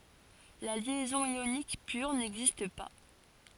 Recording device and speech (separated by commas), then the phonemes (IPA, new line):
forehead accelerometer, read sentence
la ljɛzɔ̃ jonik pyʁ nɛɡzist pa